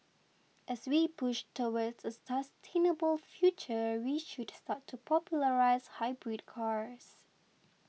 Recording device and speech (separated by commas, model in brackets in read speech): mobile phone (iPhone 6), read sentence